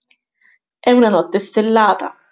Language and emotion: Italian, surprised